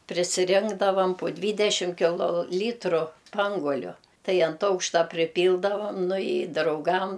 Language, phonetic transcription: Lithuanian, prisiˈrinkdavam pu ˈdvydešim kiˈlo ˈlytru ˈspanguoliu ˈtai ant ˈaukšta priˈpyldavam nu i drauˈgam

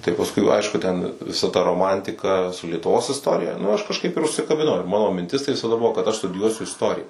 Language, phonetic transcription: Lithuanian, tai pasˈkui ˈaišku ˈten viˈsa ta roˈmantika su lietuˈvos isˈtorija nu aš kažˈkaip ir užsikabiˈnau ˈmano minˈtis tai visaˈda ˈbuvo kad aš studiˈjuosiu isˈtorija

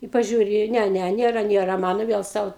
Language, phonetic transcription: Lithuanian, i paˈžiūri ˈne ˈne ˈnėra ˈnėra ˈmano ˈviel ˈsau

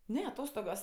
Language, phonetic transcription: Lithuanian, ˈne aˈtostogos

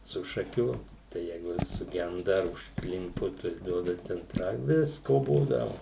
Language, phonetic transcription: Lithuanian, su šaˈkių tai ˈjeigu ˈvis suˈgenda ar užkˈlimpu tai ˈduoda ˈten ˈai ˈvisko ˈbūdavu

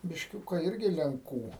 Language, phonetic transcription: Lithuanian, bišˈkiuka ˈirgi lenˈkų

